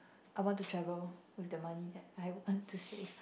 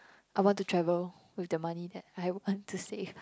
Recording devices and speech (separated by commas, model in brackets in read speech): boundary microphone, close-talking microphone, conversation in the same room